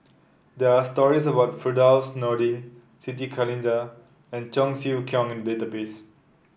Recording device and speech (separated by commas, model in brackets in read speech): boundary microphone (BM630), read sentence